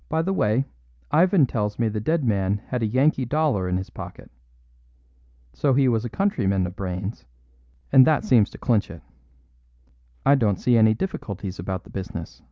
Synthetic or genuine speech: genuine